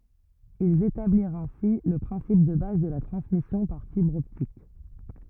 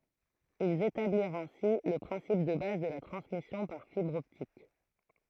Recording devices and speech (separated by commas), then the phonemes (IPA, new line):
rigid in-ear microphone, throat microphone, read sentence
ilz etabliʁt ɛ̃si lə pʁɛ̃sip də baz də la tʁɑ̃smisjɔ̃ paʁ fibʁ ɔptik